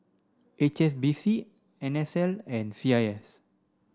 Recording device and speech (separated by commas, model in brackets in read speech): standing microphone (AKG C214), read sentence